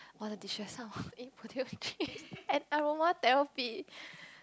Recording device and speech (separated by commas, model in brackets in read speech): close-talking microphone, conversation in the same room